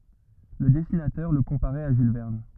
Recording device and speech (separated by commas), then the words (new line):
rigid in-ear microphone, read sentence
Le dessinateur le comparait à Jules Verne.